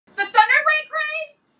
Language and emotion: English, surprised